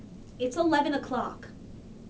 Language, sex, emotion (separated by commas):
English, female, angry